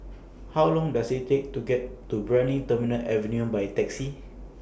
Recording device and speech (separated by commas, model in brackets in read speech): boundary microphone (BM630), read sentence